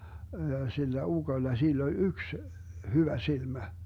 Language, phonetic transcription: Finnish, ja 'sillä "uGoⁱlla 'sill ‿oĺ "yks , 'hyvä 'silmä .
- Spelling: ja sillä ukolla sillä oli yksi hyvä silmä

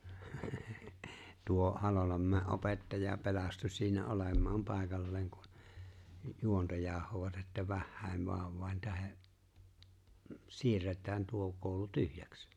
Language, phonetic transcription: Finnish, , 'tuo , 'Halolammäe "’opettaja 'pelastu siinä '’olèm̀aam 'pàekalleeŋ ku , 'juonta 'jaah̀ovat että 'vähhä̀em 'vàovvàen 'tähe , 'siirret̀ään 'tuo kooᵘlu "tyhjäks .
- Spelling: tuo Halolanmäen opettaja pelastui siinä olemaan paikalleen kun juonta jauhoivat että vähien vauvojen tähden siirretään tuo koulu tyhjäksi

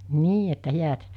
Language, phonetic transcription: Finnish, 'nii että 'hiät .
- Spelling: niin että häät

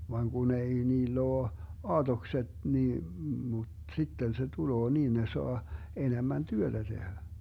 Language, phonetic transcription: Finnish, vaŋ 'Gun ‿ei 'niill ‿oo , 'aatokset nii mut 'sitten se 'tuloo 'niin ne 'soa , 'enemän "työtä 'tehä .
- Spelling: vaan kun ei niillä ole aatokset niin mutta sitten se tulee niin ne saa enemmän työtä tehdä

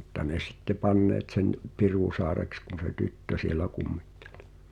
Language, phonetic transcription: Finnish, mᵘtta 'ne sitte "panneet sen , "Pirùsa̳a̳reks kun̬ se "tyttö sielä 'kummittᴇʟ .
- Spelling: mutta ne sitten panneet sen Pirusaareksi kun se tyttö siellä kummitteli

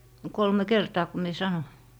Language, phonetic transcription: Finnish, 'kolme "kertaa ku mie 'sanoⁱ .
- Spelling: kolme kertaa kun minä sanoin

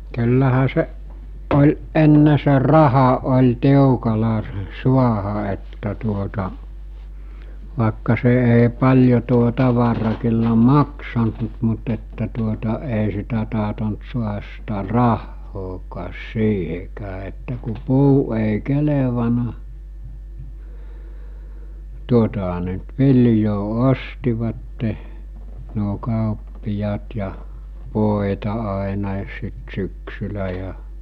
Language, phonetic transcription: Finnish, ky̬llähä 'seˀ , ˀol 'ˀenne se "raha ’oĺ 'tiukala sᴇ 'suaha että tuota , vàekka se ’ei̬ 'paĺjo tuo 'tavara kyllä "maksant mu- mut että tuota èi sitä tahtont suahas sitä "rahhookaas 'siihekää että ku 'puu èi̬ 'kelevaǹa , 'tuotaɦa ne nʸt "viljoo 'ostivatte , nuo 'kàoppijaat ja , 'vòeta 'àenàis sit 'syksyllä ja .
- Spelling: kyllähän se oli ennen se raha oli tiukalla se saada että tuota vaikka se ei paljon tuo tavara kyllä maksanut - mutta että tuota ei sitä tahtonut saada sitä rahaakaan siihenkään että kun puu ei kelvannut tuotahan ne nyt viljaa ostivat nuo kauppiaat ja voita aina sitten syksyllä ja

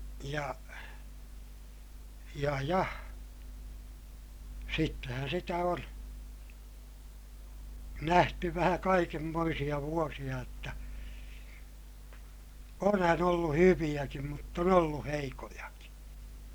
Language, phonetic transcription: Finnish, ja , ja ja , sittehän sitä on , nähty vähä kaikemmoisiʲa vuosiʲa jotta , onhän ‿ollu hyviʲäkim mutt ‿on ollu heikojakI .
- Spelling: ja ja ja sittenhän sitä on nähty vähän kaikenmoisia vuosia jotta onhan ollut hyviäkin mutta on ollut heikkojakin

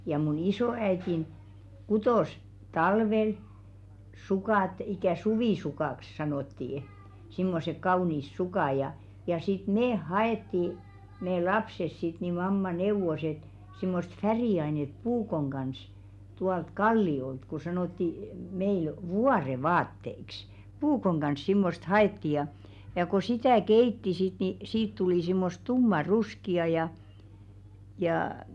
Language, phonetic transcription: Finnish, ja mun "isoò₍äitin , 'kutòs , "talvel , 'sukàt ikä̀ "suvìsukàks 'sanòttii , simmosek 'kaùniis 'sukà ja , ja sit "meeʰ 'ha₍ettì , mee "lapses sit ni 'mamma 'neuvos ‿et , simmost 'färì₍ainet "puukoŋ ɢans , 'tualt "kalli₍olt ko 'sanòtti , meil , "vuarevaatteiks , "puukoŋ ɢans 'simmost "ha₍etti ja , ja ko 'sitä̀ "keitti sit ni 'siit tulì simmos "tumma'ruski₍a ja , jaa .
- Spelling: ja minun isoäitini kutoi talvella sukat ikään suvisukaksi sanottiin semmoiset kauniit sukat ja ja sitten me haettiin me lapset sitten niin mamma neuvoi että semmoista väriainetta puukon kanssa tuolta kalliolta kun sanottiin meillä vuorenvaatteiksi puukon kanssa semmoista haettiin ja ja kun sitä keitti sitten niin siitä tuli semmoista tummanruskeaa ja jaa

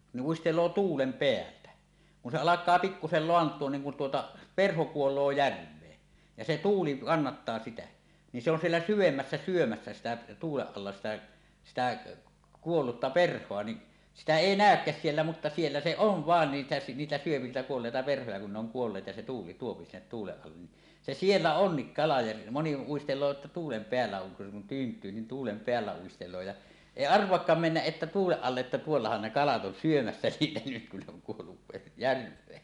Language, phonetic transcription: Finnish, ni' 'uistel̀oo "tuulem 'peältä , kun se 'alak̆kaa pikkusel "loant̀uon niŋ kun tuota , "perho 'kuol̀oo 'järv̀ee , ja se "tuuli 'kannattaa 'sitä , ni se ‿on 'siellä "syvemmässä 'syomässä 'sitä , tuuleˀ ˀalla sitä , sitä , 'kuollutta "perh̀oa ni , "sitä "èi "nä̀ökkä̳s "siellä mutta siellä se "oo̰ "vàen niitᴀ̈ 'niitä syöpi niitä 'kuolleita 'perhoja kun ne ‿oŋ "kuolleet ja se tuuli tuopi sinnet "tuuleˀ 'ˀallen ni , se "siellä "onnik 'kala ja , 'moni uistel̀oo ᵉttä "tuulem 'peällä oŋ kun tyynt̀yy ni "tuulem 'peällä uistel̀oo ja , "èi "arv̀oakkaam "mennäˀ 'ˀettä 'tuuleˀ 'ˀalleˀ ˀettä "tuollahan ne 'kalat 'on 'syömässä "niitä nyt kun ne oŋ kuollu ve- , "järv̀ee .
- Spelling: niin uistelee tuulen päältä kun se alkaa pikkuisen laantua niin kun tuota perho kuolee järveen ja se tuuli kannattaa sitä niin se on siellä syvemmässä syömässä sitä tuulen alla sitä sitä kuollutta perhoa niin sitä ei näykään siellä mutta siellä se on vain niitä niitä syö niitä kuolleita perhoja kun ne on kuolleet ja se tuuli tuo sinne tuulen alle niin se siellä on kala ja moni uistelee että tuulen päällä on kun tyyntyy niin tuulen päällä uistelee ja ei arvaakaan mennä että tuulen alle että tuollahan ne kalat on syömässä niitä nyt kun ne on kuollut - järveen

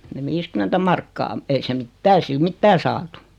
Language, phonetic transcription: Finnish, ne 'viiskym̆mentä markkaa , 'ei se "mittää ei 'sil "mittää saatu .
- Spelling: ne viisikymmentä markkaa ei se mitään ei sillä mitään saatu

